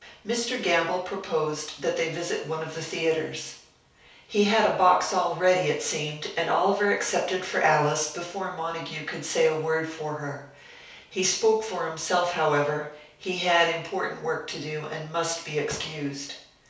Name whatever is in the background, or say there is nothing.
Nothing.